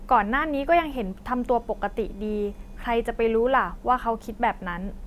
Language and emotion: Thai, frustrated